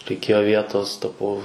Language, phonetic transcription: Lithuanian, reiˈkėjo ˈvietos ˈtapau

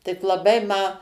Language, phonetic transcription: Lithuanian, tik laˈbai ma

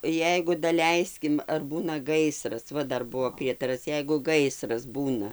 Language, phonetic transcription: Lithuanian, ˈjeigu daˈleiskim ar ˈbūna ˈgaisras ˈva ˈdar ˈbuvo ˈprietaras ˈjeigu ˈgaisras ˈbūna

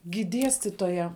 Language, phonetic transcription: Lithuanian, gi ˈdiestitoja

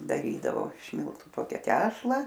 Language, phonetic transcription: Lithuanian, daˈrydavo iš ˈmiltu ˈtokia ˈtešla

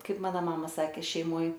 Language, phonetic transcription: Lithuanian, ˈkaip ˈmana ˈmama ˈsakė šeiˈmoj

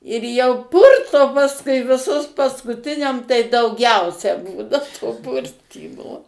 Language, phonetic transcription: Lithuanian, ir jau ˈpurto pasˈkui viˈsus paskuˈtiniam tai dauˈgiausia ˈbūna to ˈpurtymo

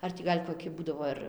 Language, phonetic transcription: Lithuanian, ˈar tį ˈgal' koˈki ˈbūdavo ir

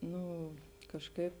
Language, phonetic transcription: Lithuanian, ˈnu kažˈkaip

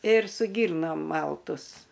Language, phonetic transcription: Lithuanian, ir su ˈgyrnom ˈmaltus

